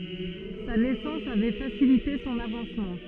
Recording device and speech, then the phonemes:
soft in-ear microphone, read sentence
sa nɛsɑ̃s avɛ fasilite sɔ̃n avɑ̃smɑ̃

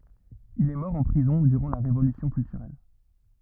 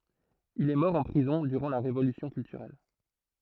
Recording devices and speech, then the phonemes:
rigid in-ear microphone, throat microphone, read sentence
il ɛ mɔʁ ɑ̃ pʁizɔ̃ dyʁɑ̃ la ʁevolysjɔ̃ kyltyʁɛl

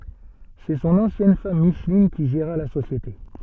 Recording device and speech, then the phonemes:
soft in-ear microphone, read sentence
sɛ sɔ̃n ɑ̃sjɛn fam miʃlin ki ʒeʁa la sosjete

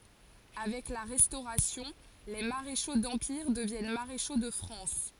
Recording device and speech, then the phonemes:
forehead accelerometer, read sentence
avɛk la ʁɛstoʁasjɔ̃ le maʁeʃo dɑ̃piʁ dəvjɛn maʁeʃo də fʁɑ̃s

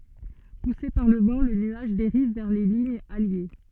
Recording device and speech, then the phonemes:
soft in-ear microphone, read sentence
puse paʁ lə vɑ̃ lə nyaʒ deʁiv vɛʁ le liɲz alje

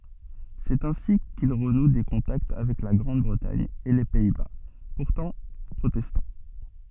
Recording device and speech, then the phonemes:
soft in-ear microphone, read sentence
sɛt ɛ̃si kil ʁənu de kɔ̃takt avɛk la ɡʁɑ̃d bʁətaɲ e le pɛi ba puʁtɑ̃ pʁotɛstɑ̃

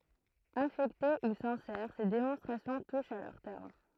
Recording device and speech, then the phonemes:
throat microphone, read sentence
afɛkte u sɛ̃sɛʁ se demɔ̃stʁasjɔ̃ tuʃt a lœʁ tɛʁm

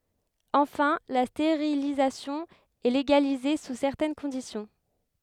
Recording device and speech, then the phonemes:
headset microphone, read sentence
ɑ̃fɛ̃ la steʁilizasjɔ̃ ɛ leɡalize su sɛʁtɛn kɔ̃disjɔ̃

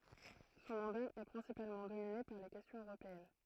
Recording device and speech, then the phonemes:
throat microphone, read sentence
sɔ̃ mɑ̃da ɛ pʁɛ̃sipalmɑ̃ domine paʁ le kɛstjɔ̃z øʁopeɛn

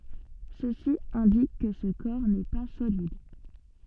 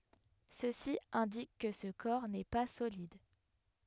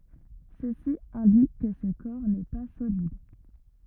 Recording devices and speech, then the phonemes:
soft in-ear microphone, headset microphone, rigid in-ear microphone, read sentence
səsi ɛ̃dik kə sə kɔʁ nɛ pa solid

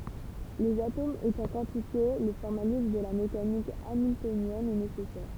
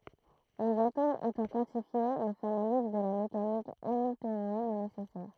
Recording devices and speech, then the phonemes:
temple vibration pickup, throat microphone, read sentence
lez atomz etɑ̃ kwɑ̃tifje lə fɔʁmalism də la mekanik amiltonjɛn ɛ nesɛsɛʁ

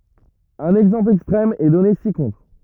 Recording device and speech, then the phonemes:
rigid in-ear microphone, read sentence
œ̃n ɛɡzɑ̃pl ɛkstʁɛm ɛ dɔne si kɔ̃tʁ

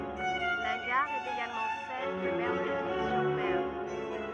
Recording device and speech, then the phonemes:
rigid in-ear microphone, read sentence
la ɡaʁ ɛt eɡalmɑ̃ sɛl də bənɛʁvil syʁ mɛʁ

